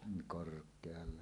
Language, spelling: Finnish, korkealla
- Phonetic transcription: 'kork̀ealla .

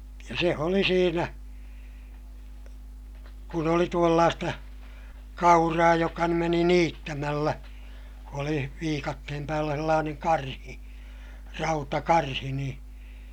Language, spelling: Finnish, ja se oli siinä kun oli tuollaista kauraa joka nyt meni niittämällä oli viikatteen päällä sellainen karhi rautakarhi niin
- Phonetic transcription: ja se oli siinä , kun ‿oli tuollaasta , kauraa joka nym meni niittämällä , oli viikattehem päällä sellaaneŋ karhi , rautakarhi niḭ , .

